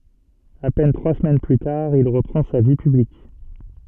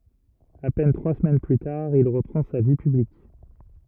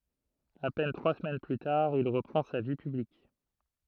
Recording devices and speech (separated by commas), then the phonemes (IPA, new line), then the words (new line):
soft in-ear microphone, rigid in-ear microphone, throat microphone, read sentence
a pɛn tʁwa səmɛn ply taʁ il ʁəpʁɑ̃ sa vi pyblik
À peine trois semaines plus tard, il reprend sa vie publique.